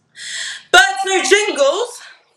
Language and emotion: English, disgusted